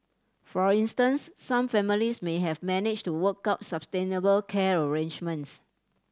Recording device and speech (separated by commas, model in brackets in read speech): standing microphone (AKG C214), read sentence